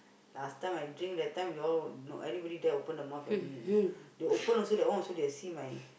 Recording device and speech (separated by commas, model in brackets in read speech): boundary microphone, conversation in the same room